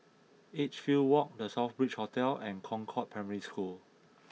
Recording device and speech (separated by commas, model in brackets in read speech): mobile phone (iPhone 6), read sentence